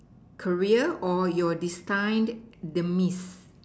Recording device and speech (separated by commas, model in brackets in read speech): standing microphone, conversation in separate rooms